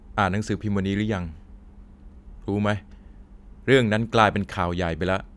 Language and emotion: Thai, frustrated